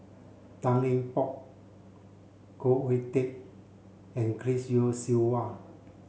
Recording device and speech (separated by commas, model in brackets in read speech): mobile phone (Samsung C7), read sentence